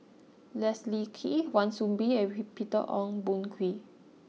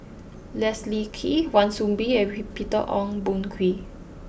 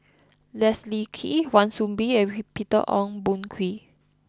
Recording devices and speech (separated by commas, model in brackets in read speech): mobile phone (iPhone 6), boundary microphone (BM630), close-talking microphone (WH20), read sentence